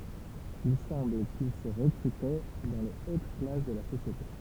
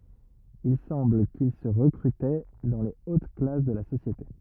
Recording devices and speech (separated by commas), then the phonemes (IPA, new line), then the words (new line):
temple vibration pickup, rigid in-ear microphone, read sentence
il sɑ̃bl kil sə ʁəkʁytɛ dɑ̃ le ot klas də la sosjete
Il semble qu'ils se recrutaient dans les hautes classes de la société.